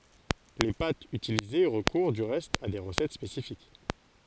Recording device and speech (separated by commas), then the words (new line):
forehead accelerometer, read sentence
Les pâtes utilisées recourent du reste à des recettes spécifiques.